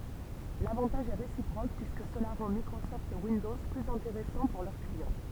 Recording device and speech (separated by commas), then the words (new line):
temple vibration pickup, read sentence
L’avantage est réciproque, puisque cela rend Microsoft Windows plus intéressant pour leurs clients.